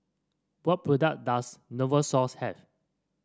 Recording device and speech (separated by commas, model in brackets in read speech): standing microphone (AKG C214), read sentence